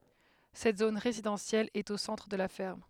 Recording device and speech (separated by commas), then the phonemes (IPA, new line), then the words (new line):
headset microphone, read sentence
sɛt zon ʁezidɑ̃sjɛl ɛt o sɑ̃tʁ də la fɛʁm
Cette zone résidentielle est au centre de la ferme.